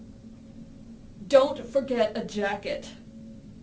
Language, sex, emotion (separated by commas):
English, female, angry